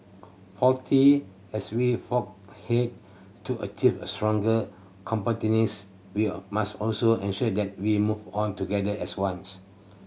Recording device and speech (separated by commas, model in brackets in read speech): mobile phone (Samsung C7100), read sentence